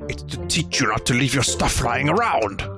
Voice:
gruff voice